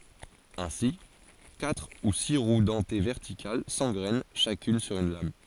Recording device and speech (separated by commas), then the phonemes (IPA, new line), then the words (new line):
forehead accelerometer, read sentence
ɛ̃si katʁ u si ʁw dɑ̃te vɛʁtikal sɑ̃ɡʁɛn ʃakyn syʁ yn lam
Ainsi, quatre ou six roues dentées verticales s'engrènent chacune sur une lame.